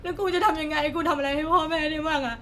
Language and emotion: Thai, sad